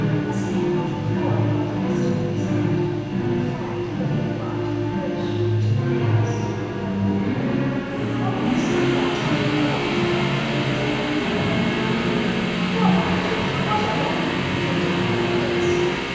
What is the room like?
A big, very reverberant room.